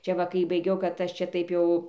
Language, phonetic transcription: Lithuanian, ˈčia ˈva kai baiˈgiau kad ˈaš ˈčia ˈtaip jau

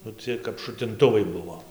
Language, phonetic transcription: Lithuanian, nu ˈciej kap šutinˈtuvai ˈbuvo

